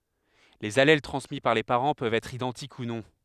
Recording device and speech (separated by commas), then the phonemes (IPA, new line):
headset microphone, read sentence
lez alɛl tʁɑ̃smi paʁ le paʁɑ̃ pøvt ɛtʁ idɑ̃tik u nɔ̃